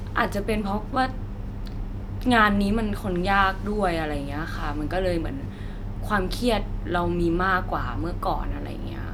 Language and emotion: Thai, frustrated